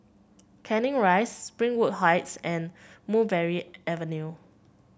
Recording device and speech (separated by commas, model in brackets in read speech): boundary microphone (BM630), read sentence